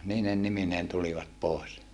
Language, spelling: Finnish, niine nimineen tulivat pois
- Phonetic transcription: niinen nimineen tulivat pòes .

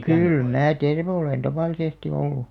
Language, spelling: Finnish, kyllä minä terve olen tavallisesti ollut
- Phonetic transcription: kyl 'mää "terve olèn 'tavàlisesti ollu .

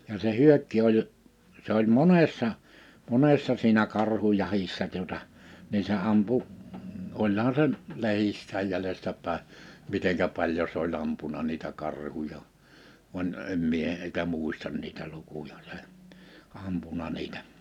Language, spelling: Finnish, ja se Hyökki oli se oli monessa monessa siinä karhujahdissa tuota niin se ampui olihan se - lehdissä jäljestä päin miten paljon se oli ampunut niitä karhuja vaan en minä heitä muista niitä lukuja se ampunut niitä
- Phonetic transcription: ja se "Hyökki̬ 'oĺ , 'se ‿oĺ "monessa , 'monessa siinä 'karhujahissa tuᵒta , nii se 'ampu , 'oĺhan se n- , 'lehissääj 'jälestä pä̀e , 'miteŋkä paĺjo s ‿o'ĺ ‿ampuna niitä 'karhuja , vań , 'em 'mie hèitä 'muistan niitä 'lukuja se , 'ampuna niitä ,.

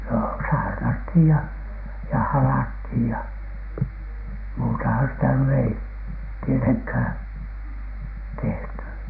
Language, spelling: Finnish, no saarnattiin ja ja halattiin ja muutahan sitä nyt ei tietenkään tehty
- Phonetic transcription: no "saarnathìj ja , ja "halathìj ja , muutahan sitä ny 'ei , 'tieteŋkhä̀N , "tehty .

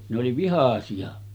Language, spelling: Finnish, ne oli vihaisia
- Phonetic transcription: ne oli 'vihà̳§si₍a .

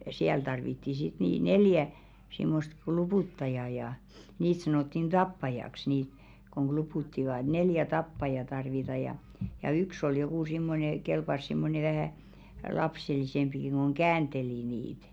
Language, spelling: Finnish, siellä tarvittiin sitten niin neljä semmoista kluputtajaa ja niitä sanottiin tappajaksi niitä kun kluputtivat neljä tappajaa tarvitaan ja ja yksi oli joku semmoinen kelpasi semmoinen vähän lapsellisempikin kun käänteli niitä
- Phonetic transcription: 'siäl tarvitti sit nì 'neljä , simmost "klupùttaja ja , niit 'sanòttin "ᴅappajaks niit , koŋ 'ɢlupùttivà 'neljä "tappaja 'tarvita ja , ja "yks ‿ol jokù simmone , 'kelpas simmone vähä̀ , 'lapselisempiki ko̭ŋ "käänᴅeli 'niit .

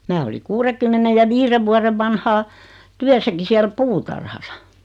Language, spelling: Finnish, minä olin kuudenkymmenen ja viiden vuoden vanhaan työssäkin siellä puutarhassa
- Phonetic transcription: 'mää oli 'kuurekymmenej ja 'viire vuarev 'vanhaa , "tyäsäki 'siäl "puutarhasa .

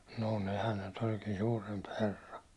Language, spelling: Finnish, no nehän ne nyt olikin suurempi herra
- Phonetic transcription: nò 'nehän ne nyt oĺkii 'suuremp 'herr .

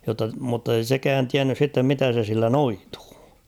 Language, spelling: Finnish, jotta mutta ei sekään tiennyt sitten mitä se sillä noituu
- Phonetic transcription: jotta , muttei "sekään 'tiännys sittem 'mitä se sillä "noitᴜᴜ .

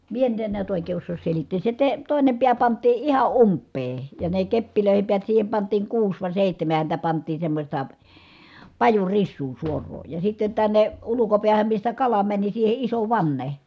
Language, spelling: Finnish, minä nyt en näet oikein osaa selittää se - toinen pää pantiin ihan umpeen ja ne keppeihin päät siihen pantiin kuusi vai seitsemän häntä pantiin semmoista pajurisua suoraa ja sitten tänne ulkopäähän mistä kala meni siihen iso vanne
- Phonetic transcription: mie nyt en niät òikee ossoos selittees se te- , tòine piä pant̆tii iha ʼumppee , ja ne keppilö̀ihem piät siihem pant̀iiŋ kuus vài sèihtämä häntä pant̀iin semmośta , pajurissuu suor̀oo , ja sitten tänne , ulukopiähäm mistä kala mäni siihe iso vanne .

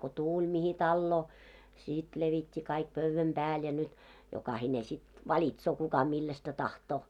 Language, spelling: Finnish, kun tuli mihin taloon sitten levitti kaikki pöydän päälle ja nyt jokainen sitten valitsee kuka millaista tahtoo
- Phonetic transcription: ko 'tuuĺ 'mihi 'talloo , 'sìt levit́t́i kaik 'pövväm 'ʙääl ja nyt , jokahine sit "valitsoo kuka 'millästä 'tahtoo .

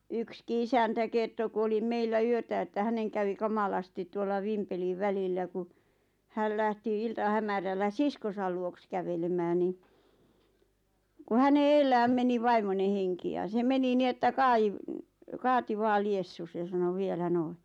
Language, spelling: Finnish, yksikin isäntä kertoi kun oli meillä yötä että hänen kävi kamalasti tuolla Vimpelin välillä kun hän lähti iltahämärällä siskonsa luokse kävelemään niin kun hänen edellään meni vaimon henki ja se meni niin että - kaati vain liessusi ja sanoi vielä noin
- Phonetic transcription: ykski 'isäntä 'kerto ku oli 'meillä "yötä että 'häneŋ kävi 'kamalasti tuolla 'Vimpeliᵛ 'välillä ku , 'häl lähti 'ilta'hämärällä "siskosal 'luoks kävelemään ni , ku 'häne "eellääm 'meni "vaimone 'heŋki ja se 'meni "ni että "kaiv- , "kaati 'vaa "liessus ja sano 'vielä "noi .

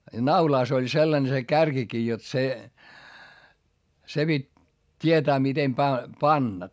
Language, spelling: Finnish, ja naulassa oli sellainen se kärkikin jotta se se piti tietää miten päin panna
- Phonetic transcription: ja naulàs ‿oĺ sellane se kärkikii jot se , se pit́ , t́ietää mitem päi , panna .

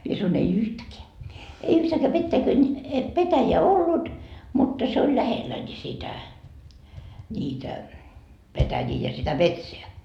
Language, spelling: Finnish, minä sanoin ei yhtäkään ei yhtääkään petäikön petäjää ollut mutta se oli lähellä niin sitä niitä petäjiä ja sitä metsää
- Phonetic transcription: mie sanoin » ei "yhtäkeä , ei 'yhtääkä pettäikön , 'petäjeä "ollut , mutta se oĺ "lähellä ńi 'sitä , ńiitä , 'petäjii ja sitä "metseä » .

